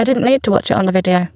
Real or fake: fake